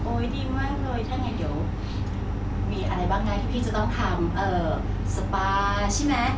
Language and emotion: Thai, happy